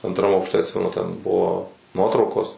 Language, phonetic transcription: Lithuanian, antˈram aukšˈte atˈsimenu ten ˈbuvo ˈnuotraukos

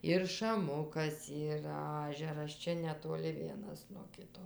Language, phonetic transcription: Lithuanian, ir šaˈmukas ˈyra ˈažeras ˈčia netoˈli ˈvienas nuo ˈkito

